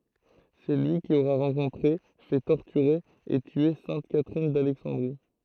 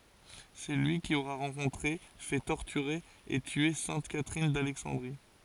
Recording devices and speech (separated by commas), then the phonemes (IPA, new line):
throat microphone, forehead accelerometer, read sentence
sɛ lyi ki oʁɛ ʁɑ̃kɔ̃tʁe fɛ tɔʁtyʁe e tye sɛ̃t katʁin dalɛksɑ̃dʁi